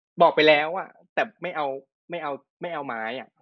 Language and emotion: Thai, frustrated